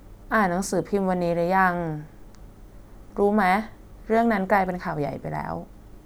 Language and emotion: Thai, sad